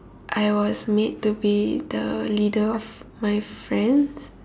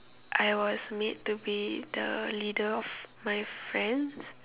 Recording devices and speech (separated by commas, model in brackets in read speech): standing microphone, telephone, conversation in separate rooms